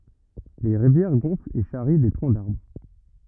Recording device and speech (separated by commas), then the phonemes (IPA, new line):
rigid in-ear microphone, read sentence
le ʁivjɛʁ ɡɔ̃flt e ʃaʁi de tʁɔ̃ daʁbʁ